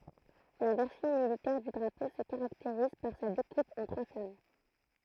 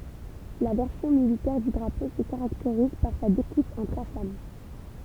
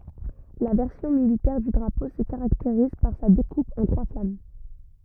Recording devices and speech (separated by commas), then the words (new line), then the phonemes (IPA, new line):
throat microphone, temple vibration pickup, rigid in-ear microphone, read sentence
La version militaire du drapeau se caractérise par sa découpe en trois flammes.
la vɛʁsjɔ̃ militɛʁ dy dʁapo sə kaʁakteʁiz paʁ sa dekup ɑ̃ tʁwa flam